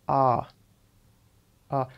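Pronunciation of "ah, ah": The R sound is said the way people in England say it: an 'ah' sound, not the 'rrr' of Canada and the United States.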